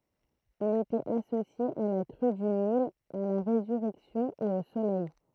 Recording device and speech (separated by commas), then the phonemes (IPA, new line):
throat microphone, read sentence
il etɛt asosje a la kʁy dy nil a la ʁezyʁɛksjɔ̃ e o solɛj